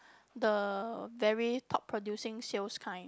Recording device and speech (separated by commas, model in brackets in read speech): close-talking microphone, conversation in the same room